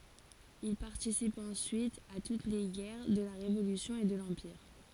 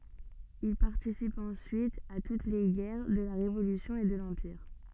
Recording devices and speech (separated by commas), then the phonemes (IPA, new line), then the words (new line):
forehead accelerometer, soft in-ear microphone, read sentence
il paʁtisip ɑ̃syit a tut le ɡɛʁ də la ʁevolysjɔ̃ e də lɑ̃piʁ
Il participe ensuite à toutes les guerres de la Révolution et de l'Empire.